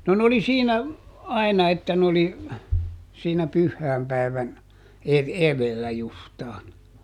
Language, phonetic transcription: Finnish, no n ‿oli ˈsiinä , ˈai̮na että n ‿oli , siinä ˈpyhhäämpäi̮vän , eδ- ˈeδellä ˈjustaan .
- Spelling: no ne oli siinä aina että ne oli siinä pyhäinpäivän - edellä justiin

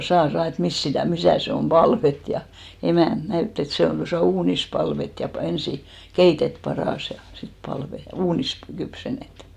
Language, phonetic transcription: Finnish, » 'saa 'saa « et » 'mist sitä̀ , 'misä̀ se om "ʙalvet « ja , emä̀nt 'näytt ‿et 'se on tosà "uunis 'palvet ja pa- , 'ensi , "keitet 'paràs ja sit 'palve(t) , "uunis pᵃ- , 'kypsen̆net .
- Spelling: saa saa että mistä sitä missä se on palvattu ja emäntä näytti että se on tuossa uunissa palvattu ja - ensin keitetty padassa ja sitten palvattu uunissa - kypsennetty

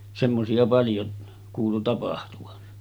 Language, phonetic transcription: Finnish, 'semmosi₍a paljo kuulu 'tapahtuvan .
- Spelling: semmoisia paljon kuului tapahtuvan

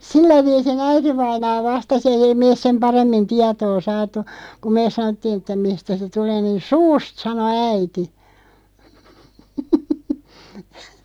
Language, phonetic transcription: Finnish, sillä 'viisi'n ‿äitivainaa "vastas ‿eij ‿ei 'meeˢ sem "paremmin "tiatoo 'saat̀u , ku "meeˢ 'sanottiin ‿ᵉttä » 'mistä se "tulee « niin̬ » "suust « 'sano "äiti .
- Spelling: sillä viisiin äitivainaa vastasi ei ei me sen paremmin tietoa saatu kun me sanottiin että mistä se tulee niin suusta sanoi äiti

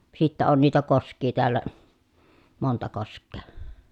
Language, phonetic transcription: Finnish, sittä on niitä kosk̆kii teällä , monta kosk̆kee .
- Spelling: sitten on niitä koskia täällä monta koskea

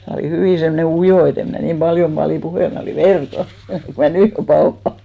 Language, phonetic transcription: Finnish, mä olì 'hyvì semmᵒne "ujò e't ‿em mn'ä niim 'ʙaljom ʙalì 'puhèl , 'mä olì "verka , ku mä "nỳ jo 'paoha .
- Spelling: minä olin hyvin semmoinen ujo että en minä niin paljon paljon puhellut minä olin verkan kun minä nyt jo pauhaan

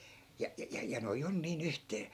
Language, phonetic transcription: Finnish, ja , ja ja noi'j ‿on nii'n ‿yhtee » .
- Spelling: ja ja ja nuo on niin yhteen

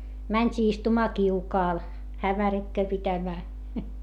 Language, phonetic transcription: Finnish, mäńt́ii istumaa kiukaal , hämärikköö pitämää .
- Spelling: mentiin istumaan kiukaalle hämärikköä pitämään

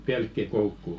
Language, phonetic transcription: Finnish, "pelkki"koukku .
- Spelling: pelkkikoukku

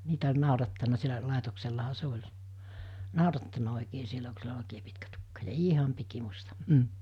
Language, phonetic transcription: Finnish, 'niitä ol̜ 'nàurattan̆na sielä 'làetoksellaha se 'oĺ , 'nàorattanᴀ òikee sielä ku sillä ol òikee pitkä tukka ja "iiham pikimusta , m̥ .
- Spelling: niitä oli naurattanut siellä laitoksellahan se oli naurattanut oikein siellä kun sillä oli oikein pitkä tukka ja ihan pikimusta mm

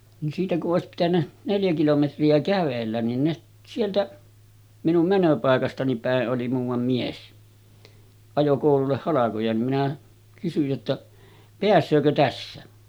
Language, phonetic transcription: Finnish, ni siitä ku’ ’òesip pitännä , 'neljä kilometri₍ä 'kävellän nin ne 'sieltä , minum 'mänöpàekastani pä̀e’ ’oli muuvam mies , 'ajo kòululleh 'halakoja nim minä kysyj jotta , » 'peäs̆söökö 'tässä « .
- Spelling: niin siitä kun olisi pitänyt neljä kilometriä kävellä niin ne sieltä minun menopaikastani päin oli muuan mies ajoi koululle halkoja niin minä kysyin jotta pääseekö tässä

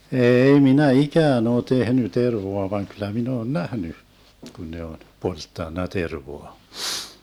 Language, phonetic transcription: Finnish, 'eei minä "ikään ‿oo 'tehny 'tervoa vaŋ kyl̆lä min ‿oon "nähny , 'kun ne on , 'polttanna 'tervoa .
- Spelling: ei minä ikään ole tehnyt tervaa vaan kyllä minä olen nähnyt kun ne on polttanut tervaa

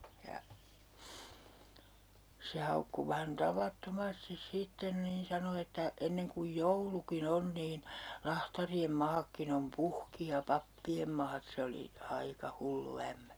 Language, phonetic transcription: Finnish, ja , se 'haukku 'vähän "tavatto'mastis 'sitten niin 'sano että , » 'enneŋ kuj "jouluki'n ‿on niin , 'lahtari₍em 'maakkin ‿om "puhki ja 'pappi₍em maat » 'se oli , 'aika "hullu 'ämmÄ .
- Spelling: ja se haukkui vähän tavattomasti sitten niin sanoi että ennen kuin joulukin on niin lahtarien maatkin on puhki ja pappien maat se oli aika hullu ämmä

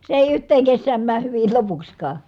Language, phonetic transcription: Finnish, se èi yht̀eeŋ kessääm määh hyvil lopukśkaa .
- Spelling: se ei yhteen kesään mene hyvin lopuksikaan

